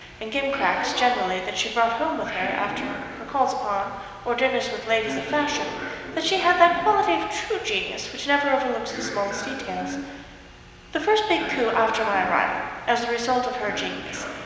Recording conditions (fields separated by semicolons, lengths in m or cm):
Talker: one person; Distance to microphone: 1.7 m; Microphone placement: close; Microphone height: 1.0 m; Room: very reverberant, large; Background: television